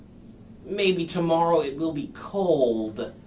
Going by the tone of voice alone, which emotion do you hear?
neutral